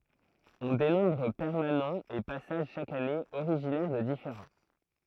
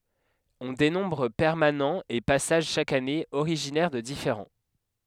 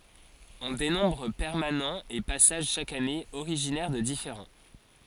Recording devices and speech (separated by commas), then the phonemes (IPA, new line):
throat microphone, headset microphone, forehead accelerometer, read sentence
ɔ̃ denɔ̃bʁ pɛʁmanɑ̃z e pasaʒ ʃak ane oʁiʒinɛʁ də difeʁɑ̃